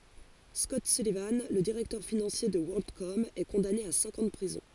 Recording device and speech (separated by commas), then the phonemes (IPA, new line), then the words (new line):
forehead accelerometer, read sentence
skɔt sylivɑ̃ lə diʁɛktœʁ finɑ̃sje də wɔʁldkɔm ɛ kɔ̃dane a sɛ̃k ɑ̃ də pʁizɔ̃
Scott Sullivan, le directeur financier de WorldCom, est condamné à cinq ans de prison.